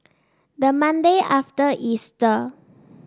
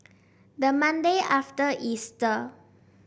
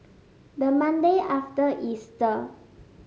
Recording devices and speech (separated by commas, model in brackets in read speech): standing microphone (AKG C214), boundary microphone (BM630), mobile phone (Samsung S8), read sentence